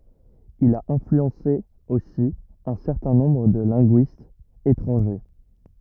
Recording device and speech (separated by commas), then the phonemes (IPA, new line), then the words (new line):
rigid in-ear microphone, read sentence
il a ɛ̃flyɑ̃se osi œ̃ sɛʁtɛ̃ nɔ̃bʁ də lɛ̃ɡyistz etʁɑ̃ʒe
Il a influencé aussi un certain nombre de linguistes étrangers.